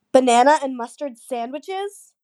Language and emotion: English, disgusted